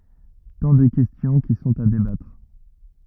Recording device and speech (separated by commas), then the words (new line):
rigid in-ear microphone, read sentence
Tant de questions qui sont à débattre.